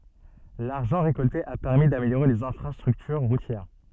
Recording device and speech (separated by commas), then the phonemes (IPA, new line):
soft in-ear microphone, read sentence
laʁʒɑ̃ ʁekɔlte a pɛʁmi dameljoʁe lez ɛ̃fʁastʁyktyʁ ʁutjɛʁ